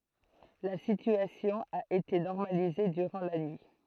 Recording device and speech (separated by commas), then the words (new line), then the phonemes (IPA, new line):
throat microphone, read sentence
La situation a été normalisée durant la nuit.
la sityasjɔ̃ a ete nɔʁmalize dyʁɑ̃ la nyi